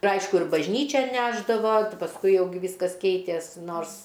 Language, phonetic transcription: Lithuanian, ir ˈaišku ir bažˈnyčian ˈnešdavo pasˈkui ˈjau gi ˈvyskas ˈkeitės ˈnors

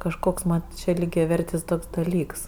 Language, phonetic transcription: Lithuanian, kažˈkoks man čia lygiaˈvertis ˈtoks daˈlyks

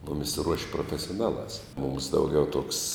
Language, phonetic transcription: Lithuanian, ˈmumis ruoš' profesioˈnaˌlās mums ˈdauˌgiau tuoks

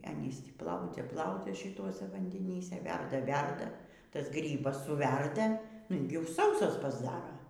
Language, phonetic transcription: Lithuanian, ˈanys ˈtį ˈplaudzia ˈplaudzia šiˈtuose vandeˈnyse ˈverda ˈverda ˈtas ˈgrybas suˈverda ilˈgiau ˈsausas pasˈdara

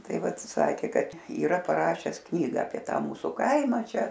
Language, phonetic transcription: Lithuanian, ˈtai ˈvat ˈsakė ˈkad yˈra paˈrašes ˈknyga apie ˈtą ˈmūsu ˈkaima ˈčia

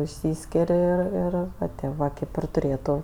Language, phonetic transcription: Lithuanian, išˈsyskir' ir ˈir ˈva ti ˈva ˈkėp ir tuˈrėtu

